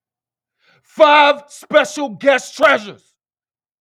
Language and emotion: English, angry